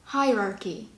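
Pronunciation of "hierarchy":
'Hierarchy' is said the American way: 'hi', then 'rar' with an extra r, then 'key'.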